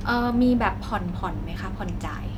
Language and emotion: Thai, neutral